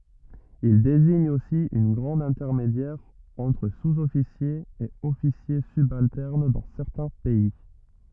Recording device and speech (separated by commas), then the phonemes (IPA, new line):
rigid in-ear microphone, read sentence
il deziɲ osi œ̃ ɡʁad ɛ̃tɛʁmedjɛʁ ɑ̃tʁ suzɔfisjez e ɔfisje sybaltɛʁn dɑ̃ sɛʁtɛ̃ pɛi